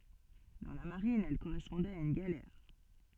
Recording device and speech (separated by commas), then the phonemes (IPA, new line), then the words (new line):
soft in-ear microphone, read sentence
dɑ̃ la maʁin ɛl koʁɛspɔ̃dɛt a yn ɡalɛʁ
Dans la marine, elle correspondait à une galère.